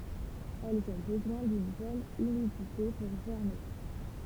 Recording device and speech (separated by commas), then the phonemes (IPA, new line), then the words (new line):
temple vibration pickup, read sentence
ɛlz ɔ̃ bəzwɛ̃ dyn bɔn ymidite puʁ ʒɛʁme
Elles ont besoin d'une bonne humidité pour germer.